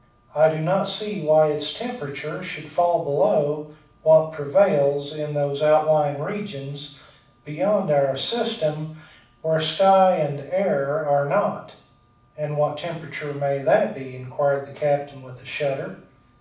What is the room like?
A moderately sized room (about 5.7 m by 4.0 m).